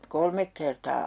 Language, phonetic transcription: Finnish, "kolmek kertaa .
- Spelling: kolme kertaa

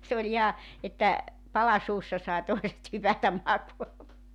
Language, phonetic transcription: Finnish, se oĺ 'iha , että , 'pala 'suussa sai 'toiset hypätäm 'makuamaa .
- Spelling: se oli ihan että pala suussa sai toiset hypätä makaamaan

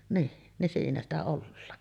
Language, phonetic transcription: Finnish, nii , nin 'siinä ‿stä 'ollaan .
- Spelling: niin niin siinä sitä ollaan

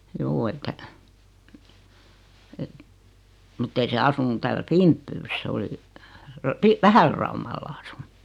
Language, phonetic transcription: Finnish, juu että , et , mᵘt't ‿ei se 'asunu täälä "Fimppyys 's ‿oli , ra- pi- "Vähälraumal'l ‿asᴜɴ .
- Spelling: juu että että mutta ei se asunut täällä Finbyssä se oli - - Vähälläraumalla asunut

